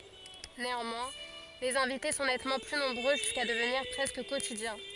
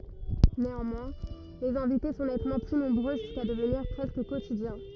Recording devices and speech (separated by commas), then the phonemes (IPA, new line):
forehead accelerometer, rigid in-ear microphone, read sentence
neɑ̃mwɛ̃ lez ɛ̃vite sɔ̃ nɛtmɑ̃ ply nɔ̃bʁø ʒyska dəvniʁ pʁɛskə kotidjɛ̃